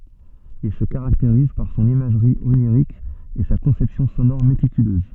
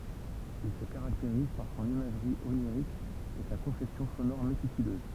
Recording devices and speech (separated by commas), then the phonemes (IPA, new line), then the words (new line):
soft in-ear microphone, temple vibration pickup, read sentence
il sə kaʁakteʁiz paʁ sɔ̃n imaʒʁi oniʁik e sa kɔ̃sɛpsjɔ̃ sonɔʁ metikyløz
Il se caractérise par son imagerie onirique et sa conception sonore méticuleuse.